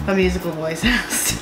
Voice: monotone